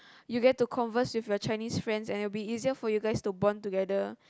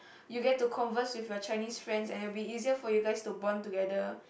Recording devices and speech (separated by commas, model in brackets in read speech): close-talking microphone, boundary microphone, conversation in the same room